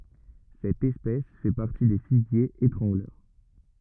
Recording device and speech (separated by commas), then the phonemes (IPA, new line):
rigid in-ear microphone, read sentence
sɛt ɛspɛs fɛ paʁti de fiɡjez etʁɑ̃ɡlœʁ